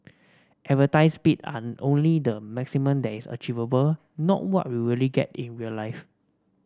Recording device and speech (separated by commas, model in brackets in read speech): standing microphone (AKG C214), read sentence